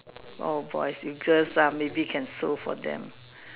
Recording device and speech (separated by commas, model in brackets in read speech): telephone, conversation in separate rooms